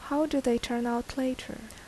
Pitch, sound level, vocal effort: 255 Hz, 76 dB SPL, soft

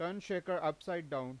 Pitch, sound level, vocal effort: 170 Hz, 94 dB SPL, loud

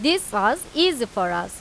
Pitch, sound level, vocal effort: 275 Hz, 92 dB SPL, loud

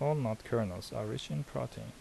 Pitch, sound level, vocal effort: 110 Hz, 75 dB SPL, soft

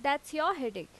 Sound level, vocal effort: 88 dB SPL, very loud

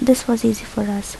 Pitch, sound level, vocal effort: 220 Hz, 72 dB SPL, soft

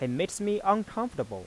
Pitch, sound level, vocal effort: 200 Hz, 91 dB SPL, soft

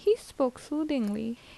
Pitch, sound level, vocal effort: 270 Hz, 78 dB SPL, normal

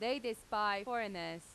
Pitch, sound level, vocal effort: 210 Hz, 91 dB SPL, very loud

